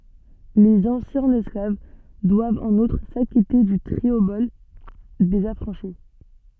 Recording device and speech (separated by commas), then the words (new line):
soft in-ear microphone, read sentence
Les anciens esclaves doivent en outre s'acquitter du triobole des affranchis.